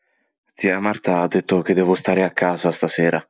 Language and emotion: Italian, sad